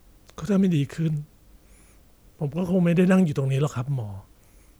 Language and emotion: Thai, frustrated